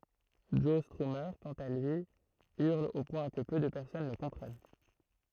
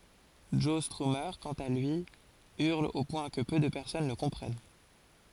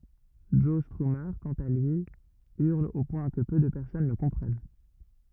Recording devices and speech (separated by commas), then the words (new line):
throat microphone, forehead accelerometer, rigid in-ear microphone, read sentence
Joe Strummer, quant à lui, hurle au point que peu de personnes le comprennent.